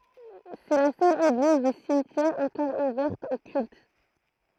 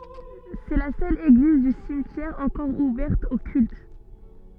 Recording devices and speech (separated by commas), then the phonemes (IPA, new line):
throat microphone, soft in-ear microphone, read sentence
sɛ la sœl eɡliz dy simtjɛʁ ɑ̃kɔʁ uvɛʁt o kylt